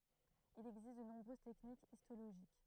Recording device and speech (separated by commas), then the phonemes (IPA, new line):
throat microphone, read sentence
il ɛɡzist də nɔ̃bʁøz tɛknikz istoloʒik